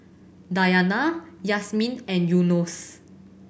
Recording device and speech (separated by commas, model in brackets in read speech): boundary microphone (BM630), read sentence